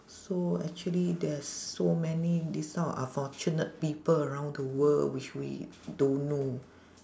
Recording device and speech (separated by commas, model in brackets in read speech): standing microphone, conversation in separate rooms